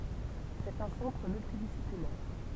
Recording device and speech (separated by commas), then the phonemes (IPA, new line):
temple vibration pickup, read sentence
sɛt œ̃ sɑ̃tʁ myltidisiplinɛʁ